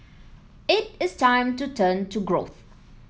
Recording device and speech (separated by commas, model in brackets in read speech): mobile phone (iPhone 7), read sentence